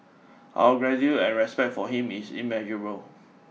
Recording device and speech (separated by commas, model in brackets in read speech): mobile phone (iPhone 6), read sentence